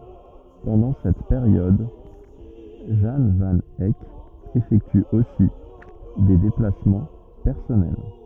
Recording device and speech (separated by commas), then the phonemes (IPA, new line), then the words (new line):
rigid in-ear microphone, read sentence
pɑ̃dɑ̃ sɛt peʁjɔd ʒɑ̃ van ɛk efɛkty osi de deplasmɑ̃ pɛʁsɔnɛl
Pendant cette période, Jan van Eyck effectue aussi des déplacements personnels.